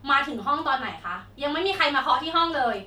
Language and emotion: Thai, angry